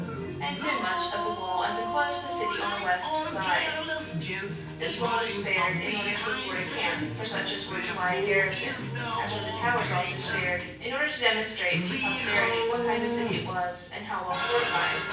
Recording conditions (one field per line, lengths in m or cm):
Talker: one person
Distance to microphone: 9.8 m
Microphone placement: far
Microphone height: 1.8 m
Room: large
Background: television